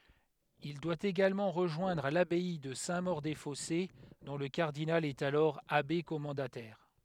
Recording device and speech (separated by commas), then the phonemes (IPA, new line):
headset microphone, read sentence
il dwa eɡalmɑ̃ ʁəʒwɛ̃dʁ labɛi də sɛ̃ moʁ de fɔse dɔ̃ lə kaʁdinal ɛt alɔʁ abe kɔmɑ̃datɛʁ